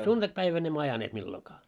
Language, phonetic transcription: Finnish, a 'suntakpäivän ‿emmö 'ajaneet millokaa .
- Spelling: a sunnuntaipäivänä emme ajaneet milloinkaan

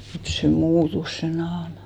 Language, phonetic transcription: Finnish, 'mut se "muutus se 'naama .
- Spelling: mutta se muuttui se naama

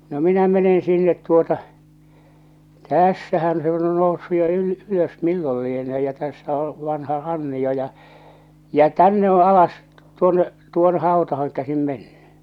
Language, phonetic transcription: Finnish, no 'minä 'menen 'sinnet tuota , "tä̀ssähän se on jo 'noussu jo yl- , 'ylös "millol lienee ja tässä o , vanha 'ranni₍o ja , jä͔ "tänne o 'alas , 'tuonne , 'tuonᴇ 'haotahaŋ käsim mennʏ .
- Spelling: no minä menen sinne tuota tässähän se on jo noussut jo - ylös milloin lienee ja tässä on vanha rannio ja ja tänne on alas tuonne tuonne hautaan käsin mennyt

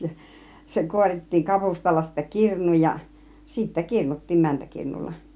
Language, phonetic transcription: Finnish, ja 'se 'kuorit̀tiiŋ 'kapustalla sittä 'kirn̆nuuj ja , sittä "kirnut̀tiim 'mäntäkirnulla .
- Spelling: ja se kuorittiin kapustalla sitten kirnuun ja sitten kirnuttiin mäntäkirnulla

